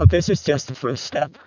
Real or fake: fake